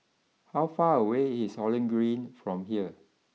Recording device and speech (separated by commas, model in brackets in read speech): mobile phone (iPhone 6), read sentence